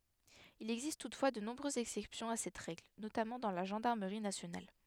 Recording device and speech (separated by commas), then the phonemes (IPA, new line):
headset microphone, read sentence
il ɛɡzist tutfwa də nɔ̃bʁøzz ɛksɛpsjɔ̃ a sɛt ʁɛɡl notamɑ̃ dɑ̃ la ʒɑ̃daʁməʁi nasjonal